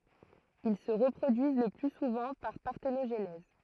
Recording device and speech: throat microphone, read sentence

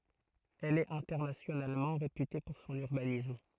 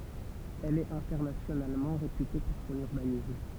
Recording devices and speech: throat microphone, temple vibration pickup, read sentence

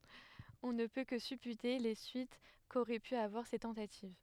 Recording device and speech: headset microphone, read sentence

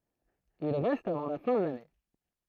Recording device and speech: throat microphone, read sentence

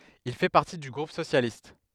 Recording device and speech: headset microphone, read sentence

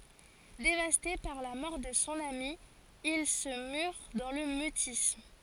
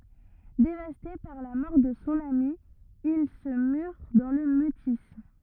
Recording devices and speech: forehead accelerometer, rigid in-ear microphone, read sentence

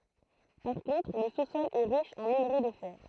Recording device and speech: throat microphone, read sentence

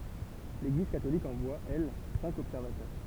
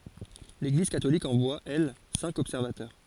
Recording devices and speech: temple vibration pickup, forehead accelerometer, read sentence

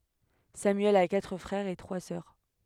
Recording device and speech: headset microphone, read sentence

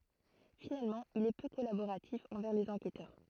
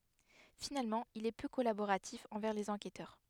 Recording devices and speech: throat microphone, headset microphone, read sentence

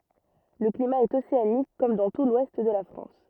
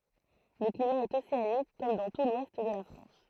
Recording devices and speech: rigid in-ear microphone, throat microphone, read sentence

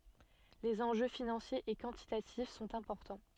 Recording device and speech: soft in-ear microphone, read sentence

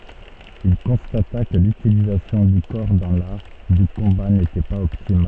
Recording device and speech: soft in-ear microphone, read sentence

